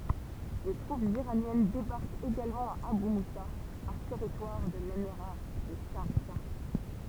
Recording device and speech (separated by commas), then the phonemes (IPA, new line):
temple vibration pickup, read sentence
de tʁupz iʁanjɛn debaʁkt eɡalmɑ̃ a aby musa œ̃ tɛʁitwaʁ də lemiʁa də ʃaʁʒa